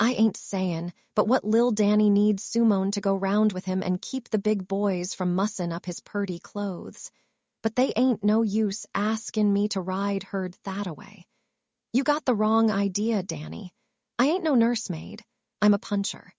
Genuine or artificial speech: artificial